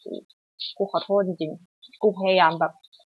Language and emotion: Thai, sad